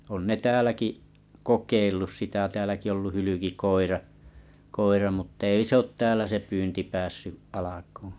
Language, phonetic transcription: Finnish, on 'ne "tääläki’ , 'kokeillus sitä ʿᵒʾ 'tääläki ollu 'hylykikoira , 'koira mut'tt ‿ei sᵉ ‿ot 'täälä se 'pyynti 'päässy’ alakuuᵘ̰ .
- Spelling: on ne täälläkin kokeillut sitä on täälläkin ollut hylkikoira koira mutta ei se ole täällä se pyynti päässyt alkuun

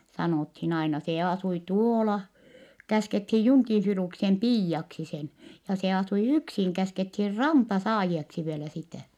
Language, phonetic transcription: Finnish, sanòthin aina - se asui tuoola , käskethij Juŋkin̬ Filuksem piijjaksi sen , ja se asui yksiŋ käskethir Rampasaajieksi vielä sitä̀ .
- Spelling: sanottiin aina se asui tuolla käskettiin Junkin Filuksen piiaksi sen ja se asui yksin käskettiin Rampasaajioksi vielä sitä

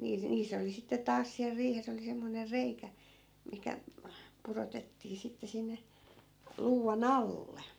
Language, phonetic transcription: Finnish, nii- , 'niis ‿oli sitte 'taas siäl 'riihes ‿oli semmoner 'reikä , mihkä , 'purotettii 'sitte sinne , 'luuva"n ‿alle .
- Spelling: - niissä oli sitten taas siellä riihessä oli semmoinen reikä mihin pudotettiin sitten sinne luuvan alle

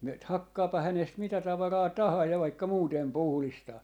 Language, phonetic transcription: Finnish, myöt "hakkaapa 'hänest 'mitä 'tavaraa "tahaa ja vaikka 'muutem "puhlistaa .
- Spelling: myyt hakkaapa hänestä mitä tavaraa tahansa ja vaikka muuten puhdistaa

